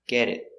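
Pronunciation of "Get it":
In 'get it', the t at the end of 'it', after the vowel, is a stop T.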